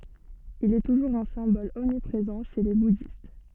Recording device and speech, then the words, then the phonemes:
soft in-ear microphone, read sentence
Il est toujours un symbole omniprésent chez les bouddhistes.
il ɛ tuʒuʁz œ̃ sɛ̃bɔl ɔmnipʁezɑ̃ ʃe le budist

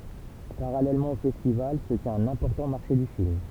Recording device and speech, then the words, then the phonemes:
temple vibration pickup, read sentence
Parallèlement au festival, se tient un important marché du film.
paʁalɛlmɑ̃ o fɛstival sə tjɛ̃t œ̃n ɛ̃pɔʁtɑ̃ maʁʃe dy film

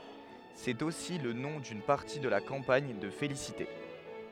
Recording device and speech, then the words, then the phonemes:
headset microphone, read sentence
C'est aussi le nom d'une partie de la campagne de félicité.
sɛt osi lə nɔ̃ dyn paʁti də la kɑ̃paɲ də felisite

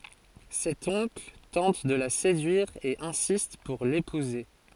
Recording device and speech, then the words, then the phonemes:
forehead accelerometer, read sentence
Cet oncle tente de la séduire et insiste pour l'épouser.
sɛt ɔ̃kl tɑ̃t də la sedyiʁ e ɛ̃sist puʁ lepuze

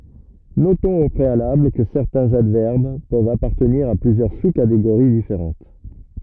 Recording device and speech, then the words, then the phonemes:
rigid in-ear microphone, read sentence
Notons au préalable que certains adverbes peuvent appartenir à plusieurs sous-catégories différentes.
notɔ̃z o pʁealabl kə sɛʁtɛ̃z advɛʁb pøvt apaʁtəniʁ a plyzjœʁ su kateɡoʁi difeʁɑ̃t

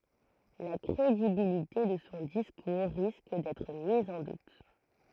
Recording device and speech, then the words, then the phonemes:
throat microphone, read sentence
La crédibilité de son discours risque d’être mise en doute.
la kʁedibilite də sɔ̃ diskuʁ ʁisk dɛtʁ miz ɑ̃ dut

